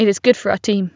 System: none